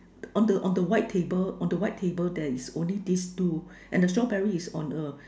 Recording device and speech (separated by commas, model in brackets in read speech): standing microphone, conversation in separate rooms